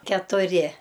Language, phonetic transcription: Lithuanian, ketuˈri

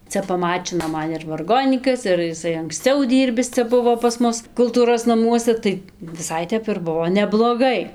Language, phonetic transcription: Lithuanian, ˈcia paˈmačino ˈman ir varˈgonykas ir jiˈsai anksˈciau ˈdyrbis ˈcia ˈbuvo pas ˈmus kulˈtūros naˈmuose ˈtai viˈsai ˈtep ir ˈbuvo nebloˈgai

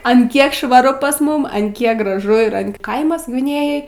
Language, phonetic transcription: Lithuanian, an ˈkiek švaˈru pas ˈmum an ˈkiek graˈžu ir an ˈkaimas gviˈnėjoj

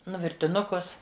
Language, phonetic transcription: Lithuanian, ˈnu virtiˈnukus

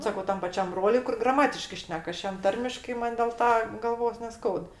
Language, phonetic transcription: Lithuanian, ˈsakau ˈtam paˈčiam ˈbroliui kur graˈmatiškɜ ˈšnek ˈaš ˈjam ˈtarmiškai ˈman' dėl ˈta galˈvos neˈskaud

